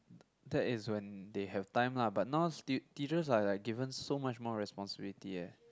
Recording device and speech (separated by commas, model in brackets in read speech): close-talking microphone, conversation in the same room